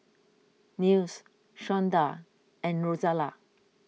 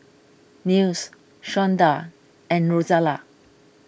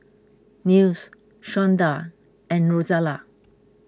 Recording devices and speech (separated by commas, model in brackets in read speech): mobile phone (iPhone 6), boundary microphone (BM630), close-talking microphone (WH20), read sentence